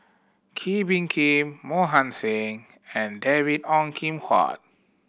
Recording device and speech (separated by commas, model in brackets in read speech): boundary microphone (BM630), read sentence